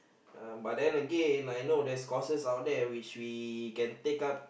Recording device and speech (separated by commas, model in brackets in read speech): boundary microphone, conversation in the same room